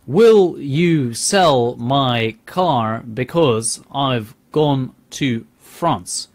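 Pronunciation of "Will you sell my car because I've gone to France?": This sentence is not said the way native speakers say it.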